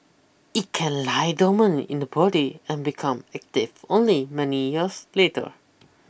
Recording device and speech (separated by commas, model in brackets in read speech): boundary microphone (BM630), read sentence